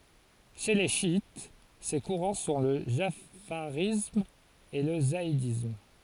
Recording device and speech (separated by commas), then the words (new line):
forehead accelerometer, read sentence
Chez les chiites, ces courants sont le jafarisme et le zaïdisme.